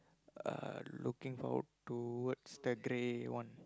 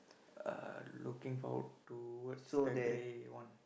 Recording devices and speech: close-talking microphone, boundary microphone, conversation in the same room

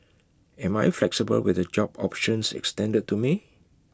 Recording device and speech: close-talking microphone (WH20), read sentence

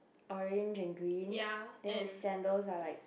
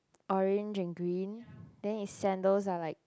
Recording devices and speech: boundary microphone, close-talking microphone, conversation in the same room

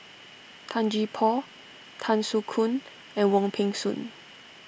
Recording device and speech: boundary microphone (BM630), read sentence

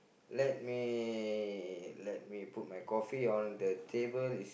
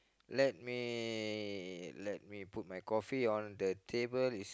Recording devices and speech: boundary microphone, close-talking microphone, conversation in the same room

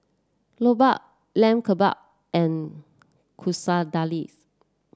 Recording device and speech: standing microphone (AKG C214), read sentence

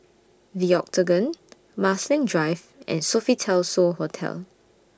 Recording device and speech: standing microphone (AKG C214), read sentence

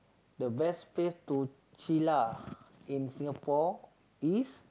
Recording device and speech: close-talking microphone, conversation in the same room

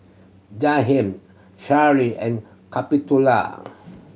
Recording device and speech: mobile phone (Samsung C7100), read sentence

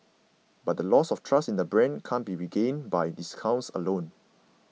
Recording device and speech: mobile phone (iPhone 6), read sentence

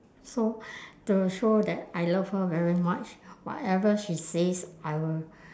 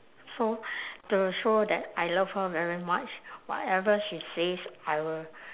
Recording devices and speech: standing microphone, telephone, conversation in separate rooms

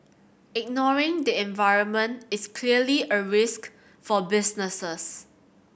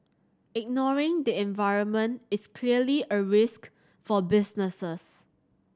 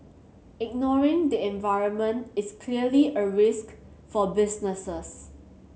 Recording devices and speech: boundary microphone (BM630), standing microphone (AKG C214), mobile phone (Samsung C7100), read sentence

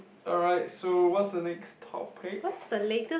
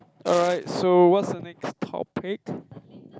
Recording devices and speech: boundary microphone, close-talking microphone, conversation in the same room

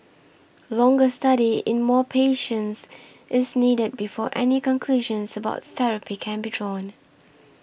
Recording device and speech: boundary microphone (BM630), read sentence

